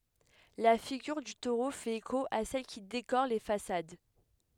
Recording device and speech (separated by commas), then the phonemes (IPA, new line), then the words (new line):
headset microphone, read sentence
la fiɡyʁ dy toʁo fɛt eko a sɛl ki dekoʁ le fasad
La figure du taureau fait écho à celles qui décorent les façades.